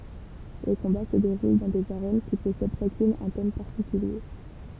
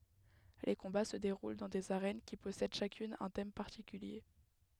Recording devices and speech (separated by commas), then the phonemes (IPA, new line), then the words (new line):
temple vibration pickup, headset microphone, read sentence
le kɔ̃ba sə deʁul dɑ̃ dez aʁɛn ki pɔsɛd ʃakyn œ̃ tɛm paʁtikylje
Les combats se déroulent dans des arènes qui possèdent chacune un thème particulier.